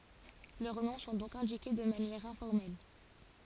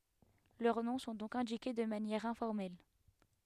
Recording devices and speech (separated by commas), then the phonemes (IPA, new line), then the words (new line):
forehead accelerometer, headset microphone, read sentence
lœʁ nɔ̃ sɔ̃ dɔ̃k ɛ̃dike də manjɛʁ ɛ̃fɔʁmɛl
Leurs noms sont donc indiqués de manière informelle.